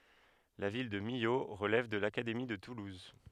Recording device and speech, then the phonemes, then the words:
headset microphone, read sentence
la vil də milo ʁəlɛv də lakademi də tuluz
La ville de Millau relève de l'Académie de Toulouse.

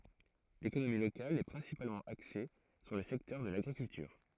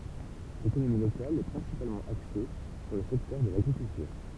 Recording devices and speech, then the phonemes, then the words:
throat microphone, temple vibration pickup, read sentence
lekonomi lokal ɛ pʁɛ̃sipalmɑ̃ akse syʁ lə sɛktœʁ də laɡʁikyltyʁ
L'économie locale est principalement axée sur le secteur de l'agriculture.

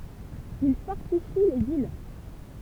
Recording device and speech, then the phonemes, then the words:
temple vibration pickup, read sentence
il fɔʁtifi lez il
Ils fortifient les îles.

